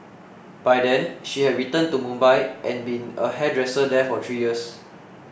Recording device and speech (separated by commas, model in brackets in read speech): boundary microphone (BM630), read sentence